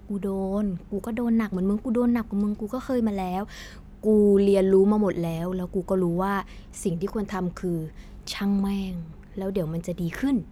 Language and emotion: Thai, frustrated